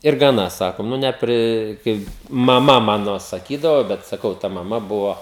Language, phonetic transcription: Lithuanian, ir gaˈna ˈsakom ˈnu neˈpri ˈkai maˈma ˈmano saˈkydavo bet saˈkau ta maˈma ˈbuvo

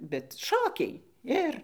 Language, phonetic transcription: Lithuanian, bet ˈšokiai ˈir

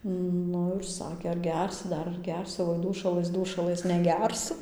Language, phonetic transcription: Lithuanian, ˈnu ir ˈsakė ar ˈgersi ˈdar ar ˈgersi oi ˈdūšalɘs ˈdūšalɘs neˈgersu

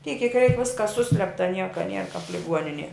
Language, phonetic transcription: Lithuanian, tiek kiek reik ˈviskas ˈsuslepta ˈnieka nier kap liˈguoninie

